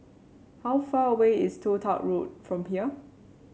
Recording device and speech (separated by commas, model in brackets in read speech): mobile phone (Samsung C7), read sentence